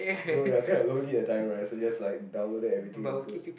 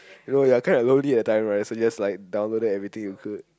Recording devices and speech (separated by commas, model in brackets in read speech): boundary microphone, close-talking microphone, conversation in the same room